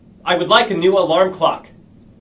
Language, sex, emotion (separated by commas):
English, male, angry